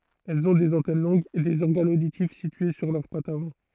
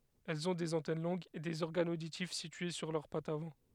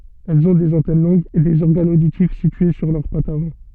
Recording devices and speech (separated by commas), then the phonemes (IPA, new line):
throat microphone, headset microphone, soft in-ear microphone, read sentence
ɛlz ɔ̃ dez ɑ̃tɛn lɔ̃ɡz e dez ɔʁɡanz oditif sitye syʁ lœʁ patz avɑ̃